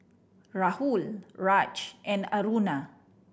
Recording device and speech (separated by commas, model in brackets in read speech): boundary microphone (BM630), read sentence